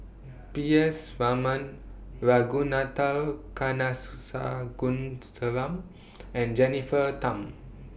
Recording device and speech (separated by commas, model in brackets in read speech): boundary microphone (BM630), read sentence